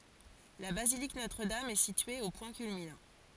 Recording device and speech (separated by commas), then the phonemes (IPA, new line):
forehead accelerometer, read sentence
la bazilik notʁədam ɛ sitye o pwɛ̃ kylminɑ̃